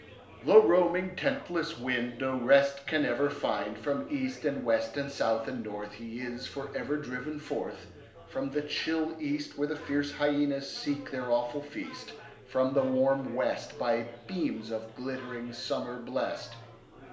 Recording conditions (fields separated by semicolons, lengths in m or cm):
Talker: one person; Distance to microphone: 1.0 m; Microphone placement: close; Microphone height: 1.1 m; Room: small (3.7 m by 2.7 m); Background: babble